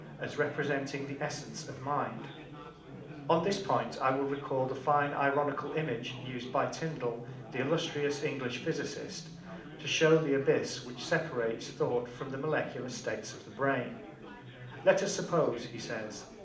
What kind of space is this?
A mid-sized room (about 5.7 m by 4.0 m).